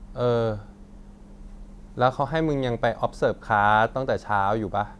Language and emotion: Thai, frustrated